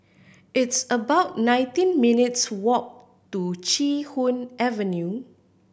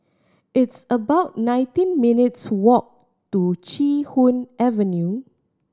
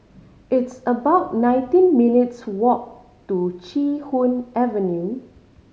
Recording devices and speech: boundary microphone (BM630), standing microphone (AKG C214), mobile phone (Samsung C5010), read sentence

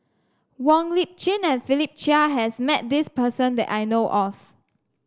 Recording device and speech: standing microphone (AKG C214), read sentence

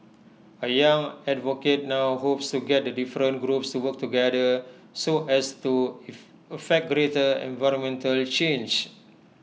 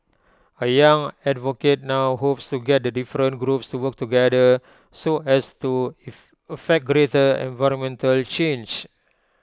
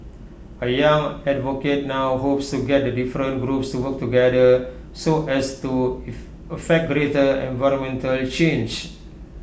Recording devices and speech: mobile phone (iPhone 6), close-talking microphone (WH20), boundary microphone (BM630), read sentence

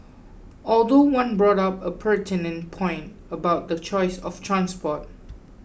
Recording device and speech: boundary microphone (BM630), read sentence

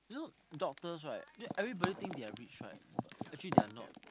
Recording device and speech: close-talking microphone, conversation in the same room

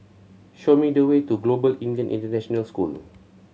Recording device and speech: mobile phone (Samsung C7100), read sentence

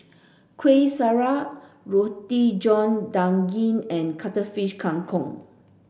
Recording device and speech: boundary microphone (BM630), read sentence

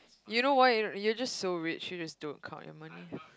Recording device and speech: close-talking microphone, conversation in the same room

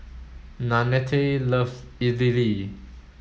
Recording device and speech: mobile phone (Samsung S8), read sentence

